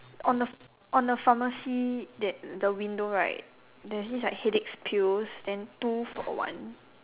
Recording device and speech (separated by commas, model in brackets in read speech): telephone, conversation in separate rooms